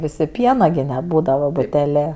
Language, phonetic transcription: Lithuanian, ˈvisi ˈpiena gi neˈbūdava buteˈlė

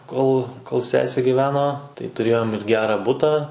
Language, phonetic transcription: Lithuanian, ˈkol kol ˈsesė giˈveno tai tuˈrėjom ir ˈgera ˈbutą

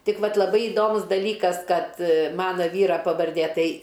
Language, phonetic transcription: Lithuanian, ˈtik ˈvat laˈbai iˈdomus daˈlykas ˈkad ˈmana ˈvyra pavarˈdė ˈtai

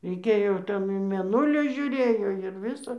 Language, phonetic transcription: Lithuanian, reiˈkėjo ˈten į mėˈnulį žiuˈrėjo ir ˈvisa

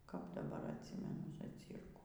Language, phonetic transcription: Lithuanian, kap daˈbar atˈsimenu zaˈcyrkų

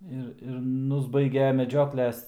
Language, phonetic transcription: Lithuanian, ˈir ir ˈnusbaige meˈdžiokles

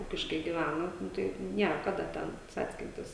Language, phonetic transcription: Lithuanian, ˈūkiškai giˈvæna ˈnu tai ˈnier ˈkada ˈten ˈcackintis

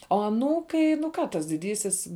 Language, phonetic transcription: Lithuanian, o aˈnūkai nu ˈką tas diˈdysis

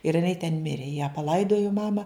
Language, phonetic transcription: Lithuanian, ir iˈnai ten ˈmirė ją paˈlaidojo ˈmama

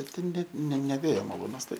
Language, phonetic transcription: Lithuanian, ˈbet ten ˈnet ne ne ˈvėjo maˈlūnas ˈtai

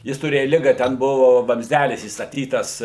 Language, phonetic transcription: Lithuanian, ˈjis tuˈrėja ˈliga ˈten ˈbuvu vamzˈdælis įstaˈtytas

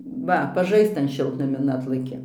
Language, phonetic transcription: Lithuanian, ˈva paˈžaisc ˈtan ˈšiltnamin ˈatlaki

